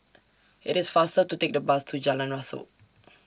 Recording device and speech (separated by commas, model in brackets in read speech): standing microphone (AKG C214), read sentence